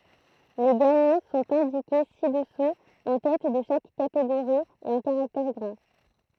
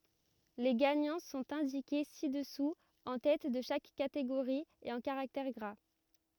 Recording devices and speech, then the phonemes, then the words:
throat microphone, rigid in-ear microphone, read sentence
le ɡaɲɑ̃ sɔ̃t ɛ̃dike si dəsu ɑ̃ tɛt də ʃak kateɡoʁi e ɑ̃ kaʁaktɛʁ ɡʁa
Les gagnants sont indiqués ci-dessous en tête de chaque catégorie et en caractères gras.

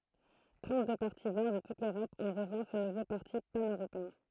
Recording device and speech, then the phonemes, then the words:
throat microphone, read sentence
tʁɑ̃tdø paʁti vɛʁ də tut løʁɔp ɔ̃ ʁəʒwɛ̃ sə nuvo paʁti panøʁopeɛ̃
Trente-deux partis Verts de toute l'Europe ont rejoint ce nouveau parti pan-européen.

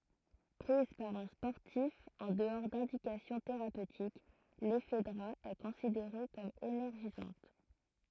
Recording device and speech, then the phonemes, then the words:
throat microphone, read sentence
pʁiz paʁ œ̃ spɔʁtif ɑ̃ dəɔʁ dɛ̃dikasjɔ̃ teʁapøtik lɛfdʁa ɛ kɔ̃sideʁe kɔm enɛʁʒizɑ̃t
Prise par un sportif en dehors d'indications thérapeutiques, l'ephedra est considérée comme énergisante.

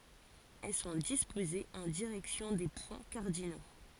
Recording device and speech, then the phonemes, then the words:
forehead accelerometer, read sentence
ɛl sɔ̃ dispozez ɑ̃ diʁɛksjɔ̃ de pwɛ̃ kaʁdino
Elles sont disposées en direction des points cardinaux.

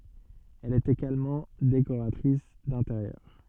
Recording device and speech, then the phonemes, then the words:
soft in-ear microphone, read sentence
ɛl ɛt eɡalmɑ̃ dekoʁatʁis dɛ̃teʁjœʁ
Elle est également décoratrice d'intérieur.

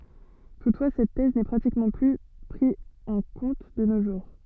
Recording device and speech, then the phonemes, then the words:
soft in-ear microphone, read sentence
tutfwa sɛt tɛz nɛ pʁatikmɑ̃ ply pʁi ɑ̃ kɔ̃t də no ʒuʁ
Toutefois cette thèse n'est pratiquement plus pris en compte de nos jours.

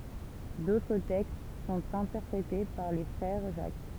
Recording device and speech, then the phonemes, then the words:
temple vibration pickup, read sentence
dotʁ tɛkst sɔ̃t ɛ̃tɛʁpʁete paʁ le fʁɛʁ ʒak
D’autres textes sont interprétés par les Frères Jacques.

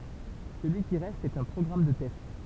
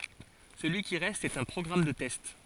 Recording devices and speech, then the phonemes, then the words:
temple vibration pickup, forehead accelerometer, read sentence
səlyi ki ʁɛst ɛt œ̃ pʁɔɡʁam də tɛst
Celui qui reste est un programme de test.

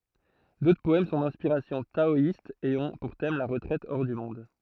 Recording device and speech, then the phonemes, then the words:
throat microphone, read sentence
dotʁ pɔɛm sɔ̃ dɛ̃spiʁasjɔ̃ taɔist e ɔ̃ puʁ tɛm la ʁətʁɛt ɔʁ dy mɔ̃d
D'autres poèmes sont d'inspiration taoïste et ont pour thème la retraite hors du monde.

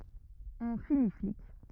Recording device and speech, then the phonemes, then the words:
rigid in-ear microphone, read sentence
ɔ̃ fini flik
On finit flic.

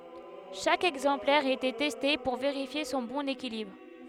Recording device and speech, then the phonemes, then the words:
headset microphone, read sentence
ʃak ɛɡzɑ̃plɛʁ etɛ tɛste puʁ veʁifje sɔ̃ bɔ̃n ekilibʁ
Chaque exemplaire était testé pour vérifier son bon équilibre.

